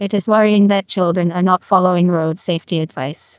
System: TTS, neural waveform model